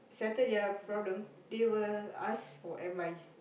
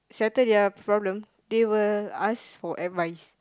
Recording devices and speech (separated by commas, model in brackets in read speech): boundary microphone, close-talking microphone, conversation in the same room